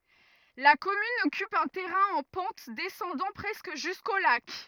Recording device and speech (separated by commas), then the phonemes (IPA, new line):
rigid in-ear microphone, read sentence
la kɔmyn ɔkyp œ̃ tɛʁɛ̃ ɑ̃ pɑ̃t dɛsɑ̃dɑ̃ pʁɛskə ʒysko lak